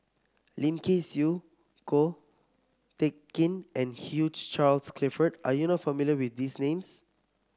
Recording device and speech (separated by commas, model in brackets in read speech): close-talking microphone (WH30), read sentence